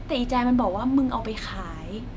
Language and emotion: Thai, neutral